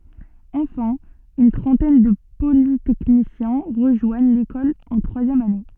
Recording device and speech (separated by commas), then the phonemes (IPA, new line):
soft in-ear microphone, read sentence
ɑ̃fɛ̃ yn tʁɑ̃tɛn də politɛknisjɛ̃ ʁəʒwaɲ lekɔl ɑ̃ tʁwazjɛm ane